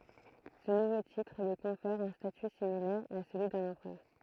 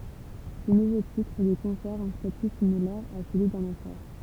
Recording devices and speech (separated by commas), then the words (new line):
throat microphone, temple vibration pickup, read sentence
Ce nouveau titre lui confère un statut similaire à celui d'un empereur.